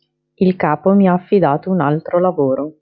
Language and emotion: Italian, neutral